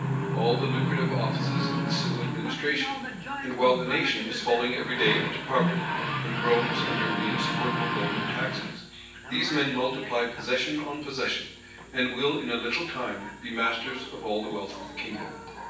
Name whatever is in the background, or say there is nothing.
A television.